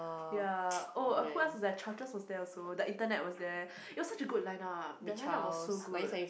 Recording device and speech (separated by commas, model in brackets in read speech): boundary microphone, conversation in the same room